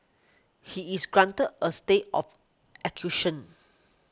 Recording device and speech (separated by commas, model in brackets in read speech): close-talking microphone (WH20), read sentence